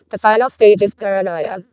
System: VC, vocoder